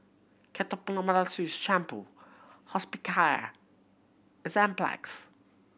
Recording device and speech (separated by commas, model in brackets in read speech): boundary microphone (BM630), read sentence